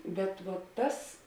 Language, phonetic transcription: Lithuanian, ˈbet vo ˈtas

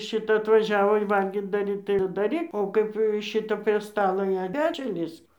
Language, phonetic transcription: Lithuanian, ˈšita atvaˈžiavo i ˈvalgyt daˈryt tai jau ir daˈryk o ˈkaip ˈšita prie ˈstalo jau ˈpečiun ˈlįsk

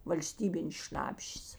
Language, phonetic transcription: Lithuanian, valˈstybinės ˈšnapšės

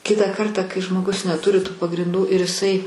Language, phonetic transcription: Lithuanian, ˈkitą ˈkartą kai žmoˈgus neˈturi tų pagrinˈdų ir iˈsai

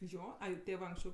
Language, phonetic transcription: Lithuanian, ˈjo ˈai ˈtėvɜ anksˈčiau

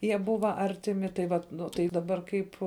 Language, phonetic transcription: Lithuanian, ˈjie ˈbuva ˈartiˌmi tai ˈvat ˈnu tai daˈbar ˈkaip

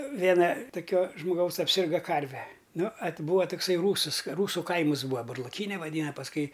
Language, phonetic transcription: Lithuanian, ˈvėna toˈkio žmoˈgaus apˈsirga ˈkarve ˈnu at ˈbūa tokˈsai ˈrūsɨs ˈrūsu ˈkaimɨs ˈbūa burlaˈkyne vaˈdyna pasˈkui

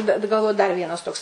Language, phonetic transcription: Lithuanian, bet galˈvoju dar ˈvienas ˈtoks

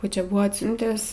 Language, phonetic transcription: Lithuanian, ˈkų ˈčia ˈbuvo atˈsiuntęs

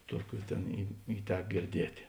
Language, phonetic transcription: Lithuanian, ˈtuoˌkių ˈtėn i i ˈtek girˈdietė

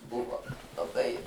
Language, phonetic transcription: Lithuanian, ˈbuvo laˈbai

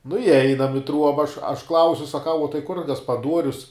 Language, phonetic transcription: Lithuanian, nu iˈeinam i ˈtruoba aš aš ˈklausiu saˈkau uo tai kur gaspaˈduorius

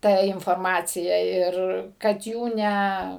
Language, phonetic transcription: Lithuanian, ˈta inforˈmacija ˈir kad ˈjų ˈne

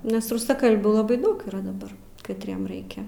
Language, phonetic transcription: Lithuanian, nes rusaˈkalbių laˈbai ˈdaug yˈra daˈbar katˈriem ˈraikia

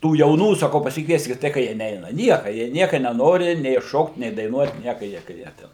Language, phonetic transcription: Lithuanian, ˈtų jauˈnų saˈkau pasikˈvieskit ˈtai ka ˈjie ˈneina ˈnieka jie ˈnieka neˈnori nei ˈšokt nei daiˈnuot ˈnieka ˈjie ka ˈjie ˈten

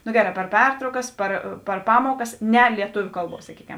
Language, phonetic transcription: Lithuanian, nu ˈgeˌrā per ˈpertraukas ˈpar par ˈpamuokas ˈne lieˈtuviu ˈkalˌbuos saˈkykem

